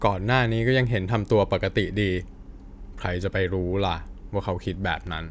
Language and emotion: Thai, frustrated